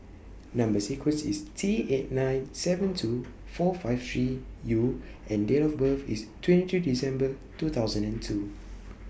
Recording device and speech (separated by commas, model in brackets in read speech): boundary microphone (BM630), read sentence